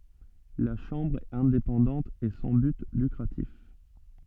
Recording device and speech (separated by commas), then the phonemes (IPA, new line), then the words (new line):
soft in-ear microphone, read sentence
la ʃɑ̃bʁ ɛt ɛ̃depɑ̃dɑ̃t e sɑ̃ byt lykʁatif
La Chambre est indépendante et sans but lucratif.